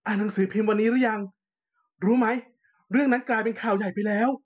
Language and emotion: Thai, happy